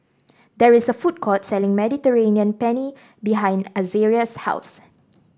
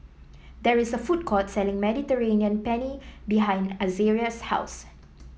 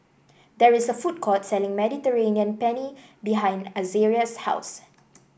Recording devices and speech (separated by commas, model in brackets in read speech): standing microphone (AKG C214), mobile phone (iPhone 7), boundary microphone (BM630), read sentence